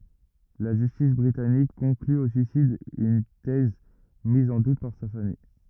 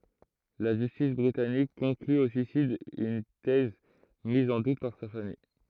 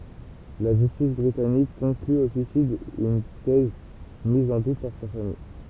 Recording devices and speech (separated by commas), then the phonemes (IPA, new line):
rigid in-ear microphone, throat microphone, temple vibration pickup, read sentence
la ʒystis bʁitanik kɔ̃kly o syisid yn tɛz miz ɑ̃ dut paʁ sa famij